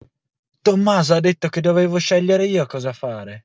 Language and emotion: Italian, angry